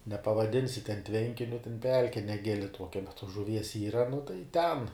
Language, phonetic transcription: Lithuanian, nepavaˈdinsi ten ˈtvenkiniu ten ˈpelke neˈgili ˈtuokia bet tuos žuˈvies ˈyra nu tai ten

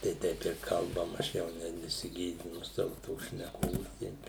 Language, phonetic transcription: Lithuanian, tai ˈteip ir kalˈbam aš ˈjau ne nesiˈgėdinu ˈsavu ˈtos šneˈkos ˈteip

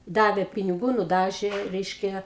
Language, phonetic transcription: Lithuanian, ˈdavė piniˈgų nuˈdažė ˈreiškia

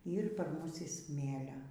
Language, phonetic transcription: Lithuanian, ˈyr par ˈmus i ˈsmėlia

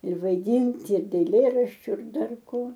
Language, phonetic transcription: Lithuanian, ir vaiˈdint ir eilˈėraščiu ir ˈdar ˈko

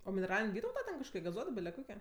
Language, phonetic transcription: Lithuanian, o mineˈralin' ˈvytauta ten kažˈkoki gaˈzuoto ˈbile ˈkoki

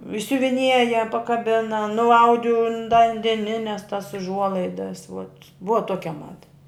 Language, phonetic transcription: Lithuanian, išsiuviˈnieja pakaˈbina nuˈaudi un da an deˈnines tas užˈuolaidas vot ˈbuva ˈtokia ˈmada

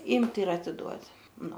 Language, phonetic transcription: Lithuanian, ˈymt' ir atiˈduot' ˈnu

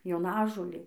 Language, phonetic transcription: Lithuanian, joˈnažolė

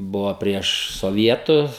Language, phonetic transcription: Lithuanian, ˈbuvo ˈprieš soˈvietus

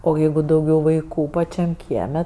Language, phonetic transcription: Lithuanian, o ˈjeigu dauˈgiau vaiˈkų paˈčiam ˈkieme

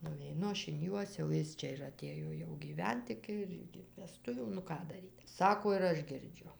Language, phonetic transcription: Lithuanian, nuveiˈnu ˈaš in ˈjuos jau ˈjis čia ir aˈtėjo jau gyˈvent ˈiki ir iki veˈstuvių nu ˈką daˈryt ˈsako ir ˈaš girˈdžiu

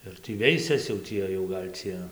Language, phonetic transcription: Lithuanian, ir ˈtį ˈveisias jau ˈtie jau gal' ˈcie

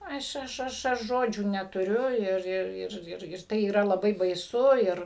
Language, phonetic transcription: Lithuanian, ˈaš ˈaš ˈaš aš ˈžodžių netuˈriu ˈir ˈir ˈ ir ir ˈtai yˈra laˈbai baiˈsu ˈir

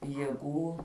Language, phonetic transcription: Lithuanian, jėˈgų

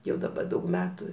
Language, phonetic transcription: Lithuanian, ˈjau daˈba ˈdaug ˈmetu

